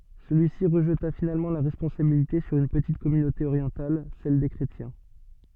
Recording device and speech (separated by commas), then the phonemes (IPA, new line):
soft in-ear microphone, read sentence
səlyisi ʁəʒta finalmɑ̃ la ʁɛspɔ̃sabilite syʁ yn pətit kɔmynote oʁjɑ̃tal sɛl de kʁetjɛ̃